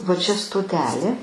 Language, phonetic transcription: Lithuanian, va ˈčia stoˈtelė

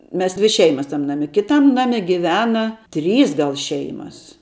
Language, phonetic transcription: Lithuanian, ˈmes ˈdvi ˈšeimas tam ˈnami ˈkitam ˈnami giˈvena ˈtrys ˈgal ˈšeimas

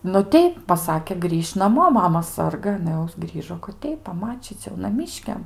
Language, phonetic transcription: Lithuanian, nu ˈteip paˈsakė ˈgrįš' naˈmo ˈmama ˈsarga aˈna jau ˈgrįžo kad ˈteip paˈmačyc' jau naˈmyškiam

